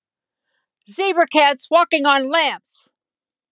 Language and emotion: English, sad